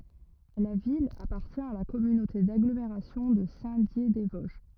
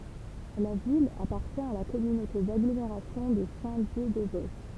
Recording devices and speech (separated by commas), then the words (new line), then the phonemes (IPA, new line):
rigid in-ear microphone, temple vibration pickup, read sentence
La ville appartient à la communauté d'agglomération de Saint-Dié-des-Vosges.
la vil apaʁtjɛ̃ a la kɔmynote daɡlomeʁasjɔ̃ də sɛ̃tdjedɛzvɔzʒ